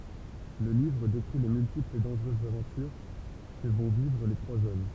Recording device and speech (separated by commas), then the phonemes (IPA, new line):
temple vibration pickup, read sentence
lə livʁ dekʁi le myltiplz e dɑ̃ʒʁøzz avɑ̃tyʁ kə vɔ̃ vivʁ le tʁwaz ɔm